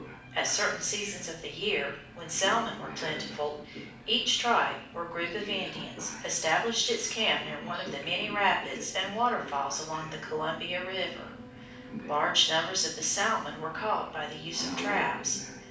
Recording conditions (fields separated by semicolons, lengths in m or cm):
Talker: one person; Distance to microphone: 5.8 m; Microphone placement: far; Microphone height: 1.8 m; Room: medium-sized (5.7 m by 4.0 m); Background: television